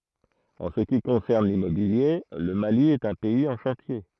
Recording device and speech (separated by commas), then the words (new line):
throat microphone, read sentence
En ce qui concerne l'immobilier, le Mali est un pays en chantier.